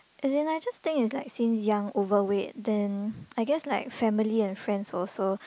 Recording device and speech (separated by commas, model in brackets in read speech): close-talking microphone, conversation in the same room